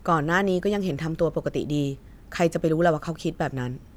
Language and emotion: Thai, neutral